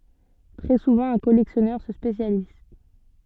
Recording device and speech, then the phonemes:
soft in-ear microphone, read sentence
tʁɛ suvɑ̃ œ̃ kɔlɛksjɔnœʁ sə spesjaliz

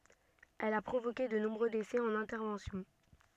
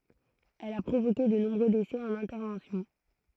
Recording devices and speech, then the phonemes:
soft in-ear microphone, throat microphone, read sentence
ɛl a pʁovoke də nɔ̃bʁø desɛ ɑ̃n ɛ̃tɛʁvɑ̃sjɔ̃

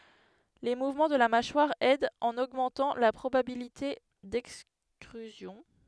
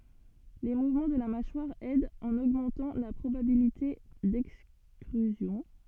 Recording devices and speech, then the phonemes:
headset microphone, soft in-ear microphone, read sentence
le muvmɑ̃ də la maʃwaʁ ɛdt ɑ̃n oɡmɑ̃tɑ̃ la pʁobabilite dɛkstʁyzjɔ̃

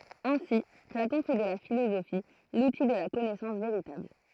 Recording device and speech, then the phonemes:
throat microphone, read sentence
ɛ̃si platɔ̃ fɛ də la filozofi luti də la kɔnɛsɑ̃s veʁitabl

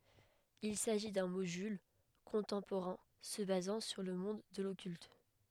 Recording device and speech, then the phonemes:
headset microphone, read sentence
il saʒi dœ̃ modyl kɔ̃tɑ̃poʁɛ̃ sə bazɑ̃ syʁ lə mɔ̃d də lɔkylt

